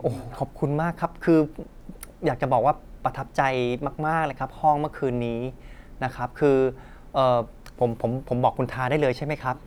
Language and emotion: Thai, happy